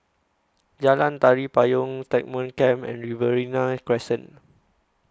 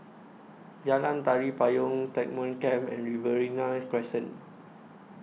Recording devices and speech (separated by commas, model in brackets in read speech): close-talking microphone (WH20), mobile phone (iPhone 6), read sentence